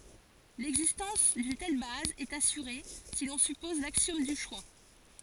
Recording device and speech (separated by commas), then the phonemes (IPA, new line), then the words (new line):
forehead accelerometer, read sentence
lɛɡzistɑ̃s dyn tɛl baz ɛt asyʁe si lɔ̃ sypɔz laksjɔm dy ʃwa
L'existence d'une telle base est assurée si l'on suppose l'axiome du choix.